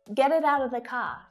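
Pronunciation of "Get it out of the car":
'Get it out of the car' is said with lots of reduced forms.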